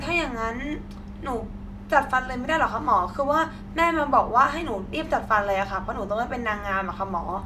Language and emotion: Thai, frustrated